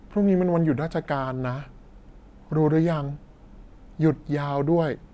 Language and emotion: Thai, frustrated